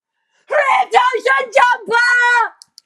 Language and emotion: English, angry